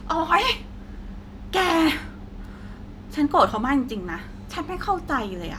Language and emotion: Thai, angry